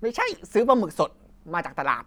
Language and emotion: Thai, happy